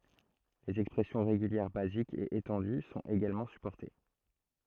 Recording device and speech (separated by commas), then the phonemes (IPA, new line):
throat microphone, read sentence
lez ɛkspʁɛsjɔ̃ ʁeɡyljɛʁ bazikz e etɑ̃dy sɔ̃t eɡalmɑ̃ sypɔʁte